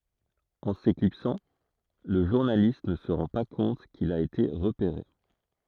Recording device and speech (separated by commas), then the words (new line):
throat microphone, read sentence
En s'éclipsant, le journaliste ne se rend pas compte qu'il a été repéré.